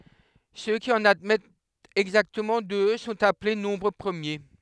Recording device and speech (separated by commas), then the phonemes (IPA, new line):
headset microphone, read sentence
sø ki ɑ̃n admɛtt ɛɡzaktəmɑ̃ dø sɔ̃t aple nɔ̃bʁ pʁəmje